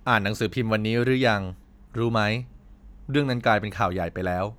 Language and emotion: Thai, neutral